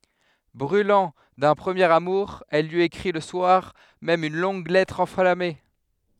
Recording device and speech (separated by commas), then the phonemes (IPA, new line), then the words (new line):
headset microphone, read sentence
bʁylɑ̃ dœ̃ pʁəmjeʁ amuʁ ɛl lyi ekʁi lə swaʁ mɛm yn lɔ̃ɡ lɛtʁ ɑ̃flame
Brûlant d'un premier amour, elle lui écrit le soir même une longue lettre enflammée.